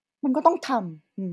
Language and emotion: Thai, frustrated